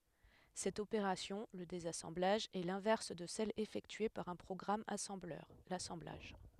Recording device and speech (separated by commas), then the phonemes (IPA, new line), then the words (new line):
headset microphone, read sentence
sɛt opeʁasjɔ̃ lə dezasɑ̃blaʒ ɛ lɛ̃vɛʁs də sɛl efɛktye paʁ œ̃ pʁɔɡʁam asɑ̃blœʁ lasɑ̃blaʒ
Cette opération, le désassemblage, est l'inverse de celle effectuée par un programme assembleur, l'assemblage.